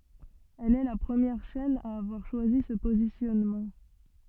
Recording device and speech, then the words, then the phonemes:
soft in-ear microphone, read sentence
Elle est la première chaîne à avoir choisi ce positionnement.
ɛl ɛ la pʁəmjɛʁ ʃɛn a avwaʁ ʃwazi sə pozisjɔnmɑ̃

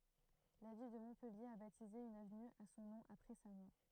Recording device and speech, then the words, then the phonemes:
throat microphone, read sentence
La ville de Montpellier a baptisé une avenue à son nom après sa mort.
la vil də mɔ̃pɛlje a batize yn avny a sɔ̃ nɔ̃ apʁɛ sa mɔʁ

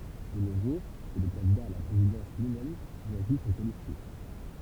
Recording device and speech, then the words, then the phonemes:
temple vibration pickup, read sentence
De nos jours, c'est le candidat à la présidence lui-même qui choisit son colistier.
də no ʒuʁ sɛ lə kɑ̃dida a la pʁezidɑ̃s lyimɛm ki ʃwazi sɔ̃ kolistje

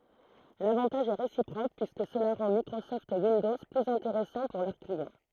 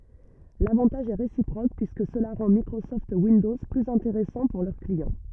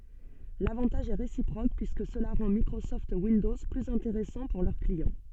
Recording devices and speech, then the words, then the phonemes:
throat microphone, rigid in-ear microphone, soft in-ear microphone, read sentence
L’avantage est réciproque, puisque cela rend Microsoft Windows plus intéressant pour leurs clients.
lavɑ̃taʒ ɛ ʁesipʁok pyiskə səla ʁɑ̃ mikʁosɔft windɔz plyz ɛ̃teʁɛsɑ̃ puʁ lœʁ kliɑ̃

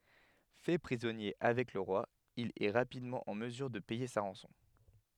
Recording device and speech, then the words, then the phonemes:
headset microphone, read sentence
Fait prisonnier avec le roi, il est rapidement en mesure de payer sa rançon.
fɛ pʁizɔnje avɛk lə ʁwa il ɛ ʁapidmɑ̃ ɑ̃ məzyʁ də pɛje sa ʁɑ̃sɔ̃

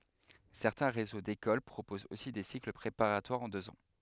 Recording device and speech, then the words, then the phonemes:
headset microphone, read sentence
Certains réseaux d'écoles proposent aussi des cycles préparatoires en deux ans.
sɛʁtɛ̃ ʁezo dekol pʁopozt osi de sikl pʁepaʁatwaʁz ɑ̃ døz ɑ̃

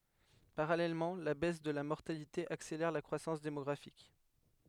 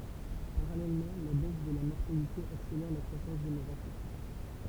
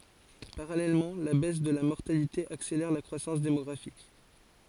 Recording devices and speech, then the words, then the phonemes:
headset microphone, temple vibration pickup, forehead accelerometer, read sentence
Parallèlement, la baisse de la mortalité accélère la croissance démographique.
paʁalɛlmɑ̃ la bɛs də la mɔʁtalite akselɛʁ la kʁwasɑ̃s demɔɡʁafik

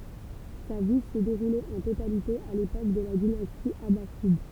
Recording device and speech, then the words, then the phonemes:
temple vibration pickup, read sentence
Sa vie s'est déroulée en totalité à l'époque de la dynastie abbasside.
sa vi sɛ deʁule ɑ̃ totalite a lepok də la dinasti abasid

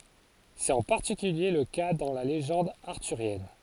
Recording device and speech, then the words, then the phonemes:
forehead accelerometer, read sentence
C’est en particulier le cas dans la légende arthurienne.
sɛt ɑ̃ paʁtikylje lə ka dɑ̃ la leʒɑ̃d aʁtyʁjɛn

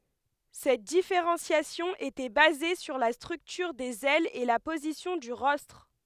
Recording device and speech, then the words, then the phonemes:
headset microphone, read sentence
Cette différenciation était basée sur la structure des ailes et la position du rostre.
sɛt difeʁɑ̃sjasjɔ̃ etɛ baze syʁ la stʁyktyʁ dez ɛlz e la pozisjɔ̃ dy ʁɔstʁ

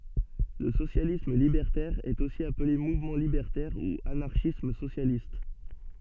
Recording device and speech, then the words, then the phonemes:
soft in-ear microphone, read sentence
Le socialisme libertaire est aussi appelé mouvement libertaire ou anarchisme socialiste.
lə sosjalism libɛʁtɛʁ ɛt osi aple muvmɑ̃ libɛʁtɛʁ u anaʁʃism sosjalist

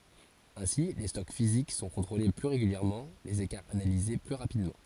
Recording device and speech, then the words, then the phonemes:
forehead accelerometer, read sentence
Ainsi les stocks physiques sont contrôlés plus régulièrement, les écarts analysés plus rapidement.
ɛ̃si le stɔk fizik sɔ̃ kɔ̃tʁole ply ʁeɡyljɛʁmɑ̃ lez ekaʁz analize ply ʁapidmɑ̃

